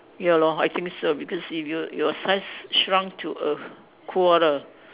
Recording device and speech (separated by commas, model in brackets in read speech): telephone, conversation in separate rooms